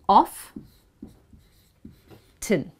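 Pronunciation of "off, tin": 'Often' is said the American way, as 'off-tin', with the t pronounced and stressed, not the British 'off-un' without a t.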